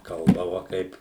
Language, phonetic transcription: Lithuanian, ˈkalbava ˈkaip

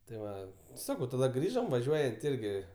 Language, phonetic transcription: Lithuanian, tai ˈva ˈsakau taˈda ˈgrįžom vaˈžiuojant ˈirgi

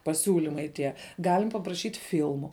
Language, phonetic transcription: Lithuanian, paˈsiūlimai tie ˈgalim papraˈšyt' ˈfilmu

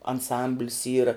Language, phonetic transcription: Lithuanian, anˈsamblis ˈyra

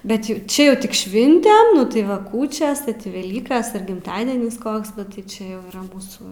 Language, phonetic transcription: Lithuanian, ˈbet ju ˈčia ˈjau ˈtik ˈšvintem ˈnu tai ˈva ˈkūčias veˈlykas ir gimˈtadienis ˈkoks ˈnu tai ˈčia jau yˈra ˈmūsų

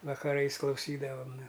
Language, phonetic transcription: Lithuanian, vakaˈrais klauˈsydavam nu

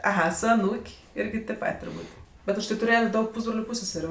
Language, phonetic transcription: Lithuanian, aˈha su aˈnūk' ˈirgi tėp ˈpat' turˈbūt' ˈbet užˈtai tuˈrėjet' ˈdaug ˈpūsbroliu ˈpūsseseriu

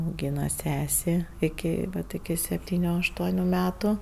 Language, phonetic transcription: Lithuanian, auˈgyna ˈsesė iˈki ˈvat iki sepˈtyniu ašˈtuoniu ˈmetu

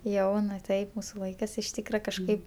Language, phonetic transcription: Lithuanian, ˈjauna ˈtaip ˈmūsu ˈlaikɜs iš ˈtykra kažˈkaip

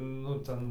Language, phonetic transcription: Lithuanian, nu ˈten

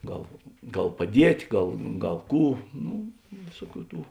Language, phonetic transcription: Lithuanian, ˈgal ˈgal paˈdiet' ˈgal ˈgal ˈkų ˈnu ˈvėsuoˌkių ˈtų

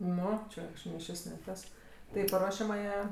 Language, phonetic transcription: Lithuanian, ˈnu ˈčia kažˈkaip ni ˈšis ni ˈtas tai i paˈruošiamąją

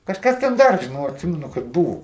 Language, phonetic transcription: Lithuanian, kažˈkas ten ˈdar žiˈnau atˈsimenu kad ˈbuvo

